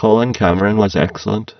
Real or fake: fake